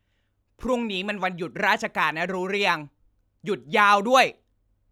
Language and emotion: Thai, angry